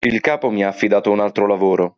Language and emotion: Italian, neutral